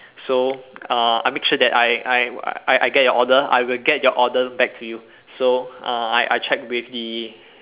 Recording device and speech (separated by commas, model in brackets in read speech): telephone, conversation in separate rooms